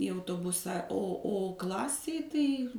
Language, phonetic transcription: Lithuanian, į autoˈbusa o ˈo ˈklasėj tai

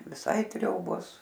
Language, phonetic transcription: Lithuanian, viˈsai ˈtriobos

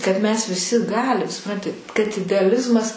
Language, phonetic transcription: Lithuanian, kad mes viˈsi ˈgalim suˈpranti kad ideaˈlizmas

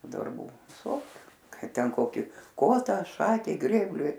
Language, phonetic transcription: Lithuanian, darˈbų viˈsokiu ˈkai ˈten ˈkokį ˈkota ˈšakei ˈgrėbliui

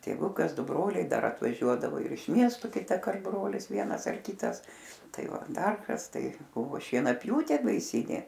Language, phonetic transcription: Lithuanian, tėˈvukas ˈdu ˈbroliai ˈdar atvaˈžiuodavo ir iš ˈmiestu kitaˈkart ˈbrolis ˈvienas ar ˈkitas ˈtai ˈva ˈdar ˈkas tai ˈbuvo šienaˈpjūtė baiˈsynė

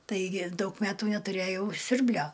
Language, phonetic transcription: Lithuanian, ˈtaigi ˈdaug ˈmetų netuˈrėjau ˈsiurblio

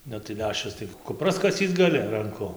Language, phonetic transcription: Lithuanian, ˈnu tai ˈleščiaus tai kuˈpras kaˈsyc gaˈli ranˈku

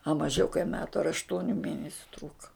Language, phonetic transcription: Lithuanian, a maˈžiau kai ˈmetu ar ašˈtuoniu ˈmėnesiu ˈtrūka

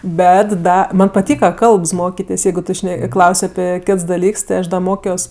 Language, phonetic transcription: Lithuanian, ˈbet ˈda ˈman' paˈtyka ˈkalbs ˈmokitės' ˈjeigu ˈtu ˈšne ˈklaus' aˈpi ˈkits daˈlyks ti ˈaš ˈda ˈmokios

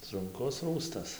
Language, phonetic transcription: Lithuanian, sunˈkus ˈrųstas

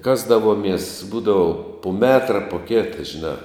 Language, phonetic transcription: Lithuanian, ˈkasdavomies ˈbūdavu pu ˈmetra pu ˈkėta žiˈnā

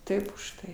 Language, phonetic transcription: Lithuanian, ˈtaip užˈtai

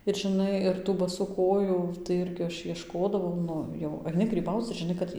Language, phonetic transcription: Lithuanian, ir žiˈnai ir tų baˈsų koˈjų tai ˈirgi ˈaš iešˈkodavau ˈnu jau aiˈni gryˈbauc ir žiˈnai kad ˈji

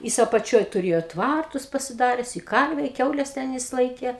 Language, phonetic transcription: Lithuanian, ˈjis apaˈčioj tuˈrėjo ˈtvartus pasiˈdares i ˈkarve i ˈkiaules ˈten jis ˈlaikė

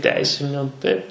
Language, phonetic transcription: Lithuanian, ˈteisiniu taip

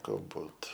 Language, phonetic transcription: Lithuanian, galˈbūt

